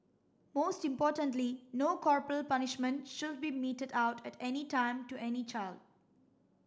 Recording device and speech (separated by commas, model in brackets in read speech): standing microphone (AKG C214), read sentence